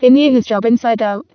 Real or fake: fake